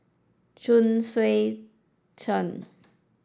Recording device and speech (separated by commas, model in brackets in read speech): standing microphone (AKG C214), read sentence